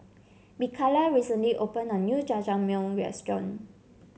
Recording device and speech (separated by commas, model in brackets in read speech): mobile phone (Samsung C7), read sentence